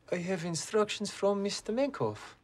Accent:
Russian accent